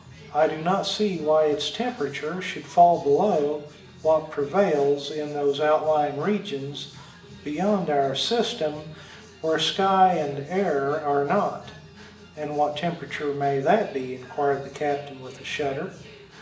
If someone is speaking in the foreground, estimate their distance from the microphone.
1.8 m.